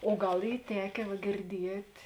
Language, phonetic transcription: Lithuanian, o ˈgal ˈy ˈtekė va girˈdiet'

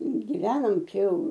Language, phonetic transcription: Lithuanian, giˈvenom ˈčia ˈjau

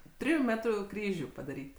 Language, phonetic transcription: Lithuanian, ˈtriju ˈmetru ˈkryžiu padaˈryt'

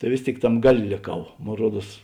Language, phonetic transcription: Lithuanian, tai ˈvės ˌtėik ˈtam ˈgaˌlė lėˈkau ˈmon ˈruoˌduos

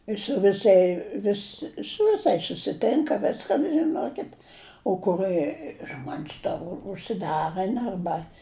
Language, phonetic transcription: Lithuanian, is su viˈsai ˈvis su viˈsais susiˈtinka ˈviskan žiˈnokit o kuˈrɜ ˈžmon's' ta užsiˈdarɜn arˈba

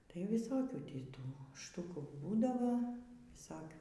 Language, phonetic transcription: Lithuanian, tai viˈsokių ˈtį ˈtų ˈštukų ˈbūdavo viˈsokių

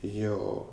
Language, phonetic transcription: Lithuanian, ˈjo

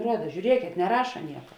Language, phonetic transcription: Lithuanian, ˈruoda žiūˈriekėt neˈraša ˈnieka

